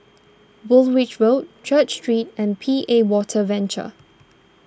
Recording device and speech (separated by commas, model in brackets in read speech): standing microphone (AKG C214), read sentence